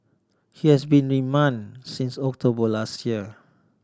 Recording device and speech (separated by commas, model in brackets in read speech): standing microphone (AKG C214), read sentence